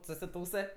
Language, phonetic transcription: Lithuanian, susiˈtūsɜ

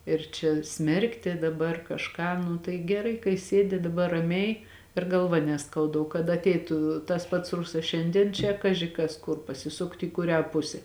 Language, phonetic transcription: Lithuanian, ir čia ˈsmerkti daˈbar kažˈką nu tai geˈrai kai ˈsėdi daˈbar raˈmiai ir galˈva neˈskauda o kad atˈeitu tas pats ˈrusas ˈšiandien čia ˈkaži kas ˈkur pasiˈsukt į kuˈrią ˈpuse

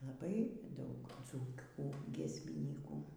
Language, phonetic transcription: Lithuanian, laˈbai ˈdaug ˈdzūkių giesmiˈnykų

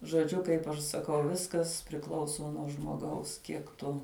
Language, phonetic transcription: Lithuanian, žoˈdžiu kaip aš saˈkau ˈviskas priˈklauso nuo žmoˈgaus ˈkiek tu

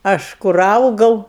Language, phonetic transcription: Lithuanian, ˈaš kur ˈaugau

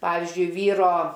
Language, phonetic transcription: Lithuanian, ˈpavizdžiui ˈvyro

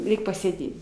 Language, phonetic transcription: Lithuanian, ˈreik' pasėˈdėt

